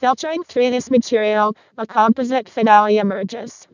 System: VC, vocoder